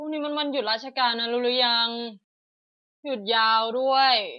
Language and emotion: Thai, frustrated